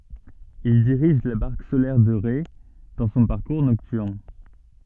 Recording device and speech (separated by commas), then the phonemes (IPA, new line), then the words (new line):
soft in-ear microphone, read sentence
il diʁiʒ la baʁk solɛʁ də ʁe dɑ̃ sɔ̃ paʁkuʁ nɔktyʁn
Il dirige la barque solaire de Ré dans son parcours nocturne.